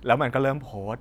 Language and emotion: Thai, frustrated